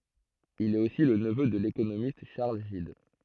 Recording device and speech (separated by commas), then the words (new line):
throat microphone, read sentence
Il est aussi le neveu de l'économiste Charles Gide.